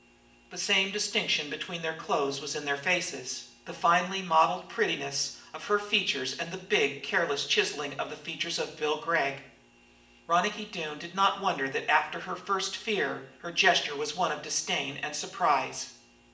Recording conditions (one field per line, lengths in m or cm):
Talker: one person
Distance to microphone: 1.8 m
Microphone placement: close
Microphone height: 1.0 m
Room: large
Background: none